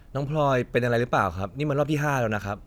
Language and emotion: Thai, frustrated